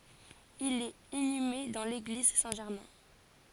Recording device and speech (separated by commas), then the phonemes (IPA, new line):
forehead accelerometer, read sentence
il ɛt inyme dɑ̃ leɡliz sɛ̃ ʒɛʁmɛ̃